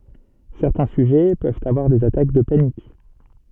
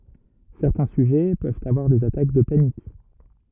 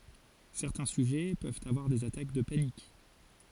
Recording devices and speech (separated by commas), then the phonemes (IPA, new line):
soft in-ear microphone, rigid in-ear microphone, forehead accelerometer, read sentence
sɛʁtɛ̃ syʒɛ pøvt avwaʁ dez atak də panik